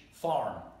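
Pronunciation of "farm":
'farm' is said with an American English pronunciation.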